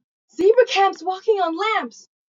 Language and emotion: English, fearful